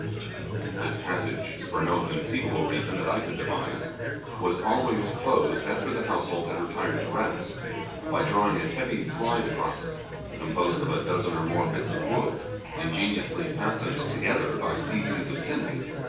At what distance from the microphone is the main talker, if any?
9.8 m.